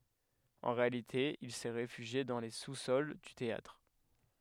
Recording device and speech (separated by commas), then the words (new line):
headset microphone, read sentence
En réalité, il s'est réfugié dans les sous-sols du théâtre.